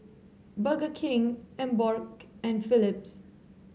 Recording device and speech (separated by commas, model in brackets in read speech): mobile phone (Samsung C7), read sentence